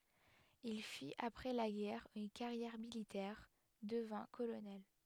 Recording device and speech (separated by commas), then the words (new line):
headset microphone, read sentence
Il fit après la guerre une carrière militaire, devint colonel.